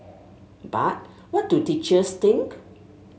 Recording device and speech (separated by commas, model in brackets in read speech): mobile phone (Samsung S8), read sentence